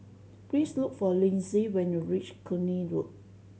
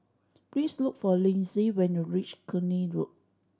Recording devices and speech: mobile phone (Samsung C7100), standing microphone (AKG C214), read sentence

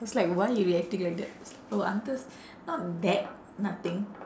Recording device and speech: standing microphone, conversation in separate rooms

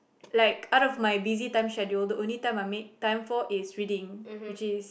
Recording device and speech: boundary microphone, conversation in the same room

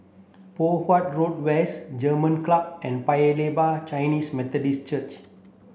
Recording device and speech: boundary microphone (BM630), read sentence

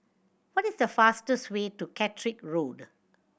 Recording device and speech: boundary microphone (BM630), read sentence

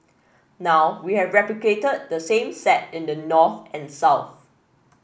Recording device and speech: boundary microphone (BM630), read sentence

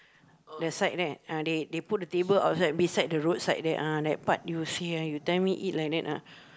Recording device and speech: close-talking microphone, conversation in the same room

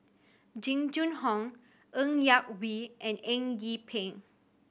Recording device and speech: boundary microphone (BM630), read sentence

